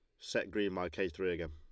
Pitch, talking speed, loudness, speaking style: 90 Hz, 275 wpm, -37 LUFS, Lombard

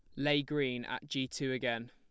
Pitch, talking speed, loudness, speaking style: 135 Hz, 210 wpm, -35 LUFS, plain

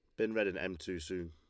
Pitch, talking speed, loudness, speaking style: 90 Hz, 325 wpm, -37 LUFS, Lombard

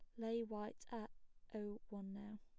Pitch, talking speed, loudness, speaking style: 215 Hz, 165 wpm, -49 LUFS, plain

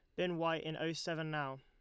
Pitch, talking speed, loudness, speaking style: 160 Hz, 255 wpm, -39 LUFS, Lombard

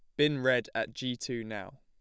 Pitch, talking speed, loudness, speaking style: 125 Hz, 225 wpm, -32 LUFS, plain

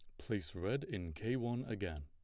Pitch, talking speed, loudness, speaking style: 100 Hz, 195 wpm, -41 LUFS, plain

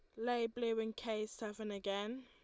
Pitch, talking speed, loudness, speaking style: 225 Hz, 175 wpm, -40 LUFS, Lombard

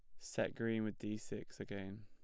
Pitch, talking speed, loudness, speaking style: 105 Hz, 195 wpm, -43 LUFS, plain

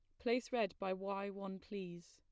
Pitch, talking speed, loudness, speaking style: 195 Hz, 190 wpm, -42 LUFS, plain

